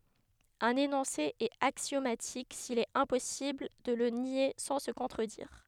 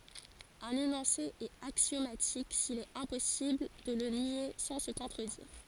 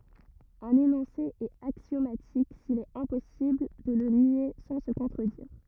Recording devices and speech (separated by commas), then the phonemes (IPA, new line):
headset microphone, forehead accelerometer, rigid in-ear microphone, read sentence
œ̃n enɔ̃se ɛt aksjomatik sil ɛt ɛ̃pɔsibl də lə nje sɑ̃ sə kɔ̃tʁədiʁ